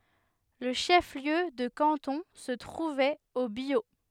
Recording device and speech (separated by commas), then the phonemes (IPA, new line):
headset microphone, read sentence
lə ʃəfliø də kɑ̃tɔ̃ sə tʁuvɛt o bjo